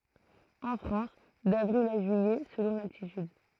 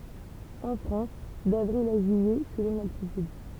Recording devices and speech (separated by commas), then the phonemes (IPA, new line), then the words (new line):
throat microphone, temple vibration pickup, read sentence
ɑ̃ fʁɑ̃s davʁil a ʒyijɛ səlɔ̃ laltityd
En France, d'avril à juillet, selon l'altitude.